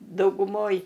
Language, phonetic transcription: Lithuanian, dauguˈmoj

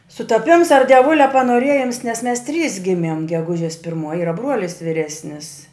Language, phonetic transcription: Lithuanian, sutaˈpims ar dieˈvulia panoˈrėjims nes mes trys ˈgimiem geˈgužės pirˈmuoj ˈyra ˈbruolis viˈresnis

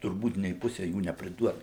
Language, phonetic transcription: Lithuanian, turˈbūt nė ˈpuse ˈjų nepriˈduota

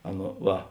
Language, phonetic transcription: Lithuanian, ˈaˌna ˈva

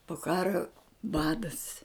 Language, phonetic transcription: Lithuanian, po ˈkaro ˈbadas

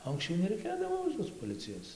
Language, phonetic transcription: Lithuanian, o anksˈčiau nereiˈkėdavo tos poˈlicijos

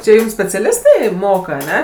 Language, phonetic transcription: Lithuanian, čia ˈjum speciaˈlistai ˈmoka aˈne

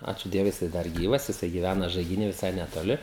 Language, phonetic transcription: Lithuanian, ˈačiū ˈdievui jiˈsai ˈdar ˈgyvas jiˈsai giˈvæna žaigiˈny viˈsai netoˈli

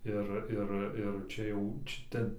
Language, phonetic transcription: Lithuanian, ˈir ˈir ir ˈčia jau čia ˈten

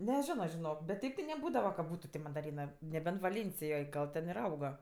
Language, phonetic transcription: Lithuanian, neˈžino žiˈnok bet ˈteip ti neˈbūdava ka ˈbūtu ti mandaˈrynɜ neˈbent vaˈlėnsijoj ˈgal ten ir ˈauga

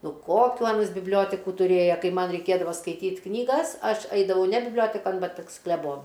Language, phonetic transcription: Lithuanian, ˈnu ˈkokių ˈanas bibˈlioteku tuˈrėja ˈkai ˈman reiˈkėdava skaiˈtyt' knyˈgas ˈaš ˈaidavau ne bibˈliotekan ˈbet pas kleˈbonu

